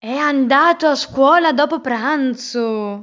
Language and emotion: Italian, surprised